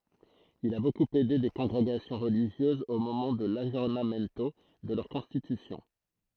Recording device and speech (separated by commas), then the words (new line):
throat microphone, read sentence
Il a beaucoup aidé des congrégations religieuses au moment de l'aggiornamento de leurs constitutions.